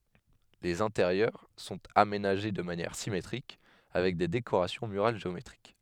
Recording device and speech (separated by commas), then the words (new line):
headset microphone, read sentence
Les intérieurs sont aménagés de manière symétriques, avec des décorations murales géométriques.